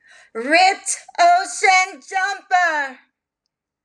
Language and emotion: English, fearful